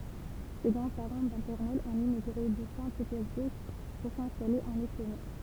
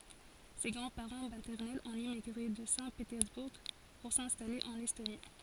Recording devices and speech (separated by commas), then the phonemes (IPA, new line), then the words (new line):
temple vibration pickup, forehead accelerometer, read sentence
se ɡʁɑ̃dspaʁɑ̃ matɛʁnɛlz ɔ̃t emiɡʁe də sɛ̃tpetɛʁzbuʁ puʁ sɛ̃stale ɑ̃n ɛstoni
Ses grands-parents maternels ont émigré de Saint-Pétersbourg pour s'installer en Estonie.